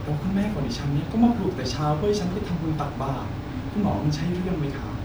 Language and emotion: Thai, frustrated